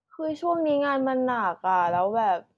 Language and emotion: Thai, frustrated